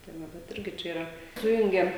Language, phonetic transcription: Lithuanian, tai ˈva bet ˈirgi ˈčia yˈra ˈsujungiam

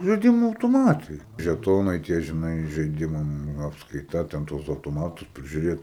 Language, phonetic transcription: Lithuanian, žaiˈdimų autoˈmatai žeˈtonai ˈtie žiˈnai žaiˈdimam ˈnu apskaiˈta ten ˈtuos autoˈmatus prižiūˈrėt

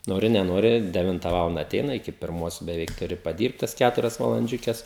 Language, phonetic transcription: Lithuanian, ˈnori neˈnori deˈvinta ˈvalanda aˈteina iˈki pirˈmos beˈveik tuˈri paˈdyrbt tas ˈkæturias valanˈdžiukes

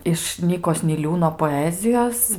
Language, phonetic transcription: Lithuanian, iš ˈnykos niˈliūno poˈezijos

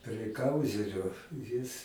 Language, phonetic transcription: Lithuanian, prie ˈkauzerio jis

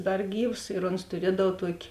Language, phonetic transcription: Lithuanian, ˈdar ˈgyvs ir ons tuˈriedav ˈtuoki

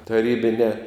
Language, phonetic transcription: Lithuanian, taˈrybinē

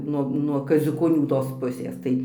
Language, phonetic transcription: Lithuanian, ˈnuo nuo kaziukoˈnių tos ˈpusės ˈtai

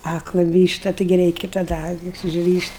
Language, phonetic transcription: Lithuanian, ˈakla ˈvyšta ˈtaigi ˈreiki taˈda ˈakis užˈryšt'

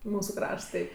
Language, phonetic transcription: Lithuanian, ˈmūsu ˈkrašts ˈtai

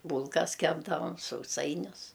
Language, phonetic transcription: Lithuanian, ˈbūlkas ˈkepdavam sauˈsainius

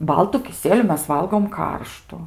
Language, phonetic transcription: Lithuanian, ˈbaltu kiˈsieliu ˈmes ˈvalgom ˈkarštu

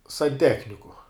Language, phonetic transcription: Lithuanian, sanˈtechniku

